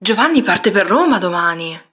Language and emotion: Italian, surprised